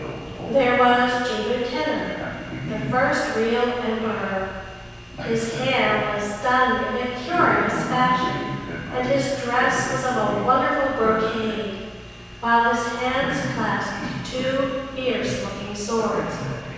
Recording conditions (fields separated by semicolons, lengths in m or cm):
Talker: one person; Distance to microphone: 7.1 m; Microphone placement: far; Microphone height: 1.7 m; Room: very reverberant, large; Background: television